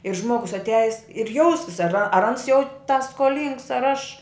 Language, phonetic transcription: Lithuanian, ir ˈžmogus atˈiajis ir ˈjausis ar ar ans jau ta skoˈlyngs ar aš

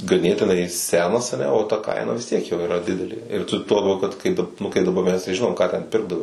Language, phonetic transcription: Lithuanian, gaˈnėtinai ˈsenas aˈne o ta ˈkaina vis ˈtiek jo iˈra ˈdidelė ir ˈtu tuo laˈbiau kad ˈkai ˈnu kai daˈba mes tai ˈžinom ˈką ten ˈpirkdavai

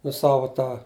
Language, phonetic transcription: Lithuanian, nu ˈsavo ˈtą

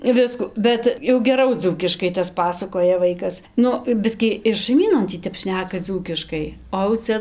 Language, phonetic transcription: Lithuanian, ˈvisku ˈbet jau geˈrau ˈdzūkiškai tas ˈpasakoja ˈvaikas ˈnu ˈbiskį ir šaiˈmynon ˈtį ˈtep ˈšneka ˈdzūkiškai o au ˈcia

